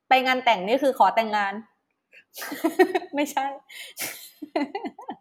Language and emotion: Thai, happy